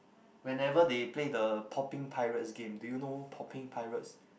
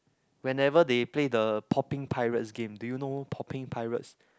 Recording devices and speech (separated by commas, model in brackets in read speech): boundary microphone, close-talking microphone, conversation in the same room